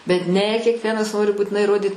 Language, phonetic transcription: Lithuanian, bet ˈne kekˈvienas ˈnori būtiˈnai įˈrodyt

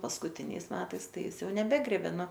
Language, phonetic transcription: Lithuanian, paskuˈtiniais ˈmetais ˈtai ˈjis ˈjau neˈbegrėbė ˈnu

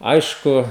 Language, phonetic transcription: Lithuanian, ˈaišku

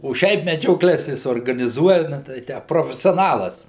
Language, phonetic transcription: Lithuanian, o ˈšiaip medžioˈkles ˈjis organiˈzuoja na tei ˈtę profesioˈnalas

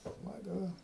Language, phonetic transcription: Lithuanian, smaˈgu

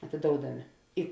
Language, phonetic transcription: Lithuanian, atėˈdoudamė i

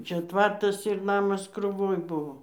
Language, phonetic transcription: Lithuanian, ˈčia ˈtvartas ir ˈnamas kruˈvoj ˈbuvo

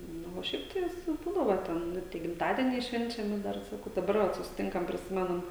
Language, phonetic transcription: Lithuanian, ˈnu o ˈšiaip tai ˈvis ˈbūdavo ˈten ˈnu tie gimˈtadieniai ˈšvenčiami ˈdar saˈkau daˈbar ˈvat susiˈtinkam priˈsimenam

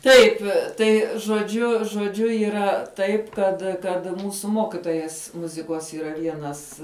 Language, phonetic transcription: Lithuanian, ˈtaip ˈtai žoˈdžiu žoˈdžiu yˈra ˈtaip ˈkad kad ˈmūsu ˈmokitojas ˈmuzikos yˈra ˈvienas

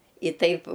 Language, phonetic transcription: Lithuanian, i ˈtaip

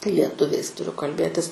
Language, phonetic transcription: Lithuanian, lieˈtuviais tuˈriu kalˈbėtis

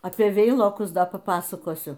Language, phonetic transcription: Lithuanian, apie ˈveilokus ˈpa ˈpasakosiu

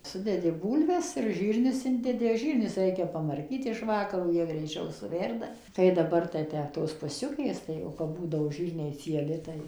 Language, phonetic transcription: Lithuanian, suˈdedi ˈbūlves ir ˈžyrnius ˈindedi ˈžyrnius ˈreikia pamarˈkyt iš ˈvakaro ˈjie greiˈčiau suˈverda ˌkai daˈbar tai ˈtę tos puˈsiukės ˌtai o kap ˈbūdavo ˈžyrniai cieˈli tai

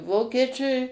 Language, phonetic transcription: Lithuanian, ˈvokiečiui

